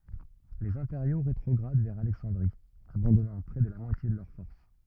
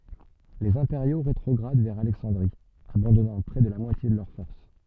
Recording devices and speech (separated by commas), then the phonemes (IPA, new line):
rigid in-ear microphone, soft in-ear microphone, read sentence
lez ɛ̃peʁjo ʁetʁɔɡʁad vɛʁ alɛksɑ̃dʁi abɑ̃dɔnɑ̃ pʁɛ də la mwatje də lœʁ fɔʁs